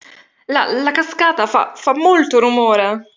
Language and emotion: Italian, fearful